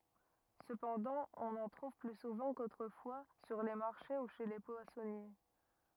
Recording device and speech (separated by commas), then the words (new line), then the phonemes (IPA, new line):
rigid in-ear microphone, read sentence
Cependant, on en trouve plus souvent qu'autrefois sur les marchés ou chez les poissonniers.
səpɑ̃dɑ̃ ɔ̃n ɑ̃ tʁuv ply suvɑ̃ kotʁəfwa syʁ le maʁʃe u ʃe le pwasɔnje